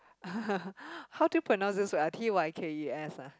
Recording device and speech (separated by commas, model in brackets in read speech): close-talking microphone, conversation in the same room